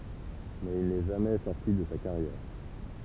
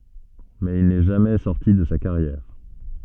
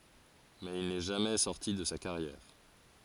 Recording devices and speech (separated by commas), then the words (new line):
temple vibration pickup, soft in-ear microphone, forehead accelerometer, read sentence
Mais il n’est jamais sorti de sa carrière.